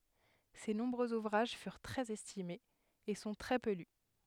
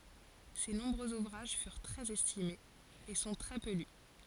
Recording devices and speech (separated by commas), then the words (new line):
headset microphone, forehead accelerometer, read sentence
Ses nombreux ouvrages furent très estimés, et sont très peu lus.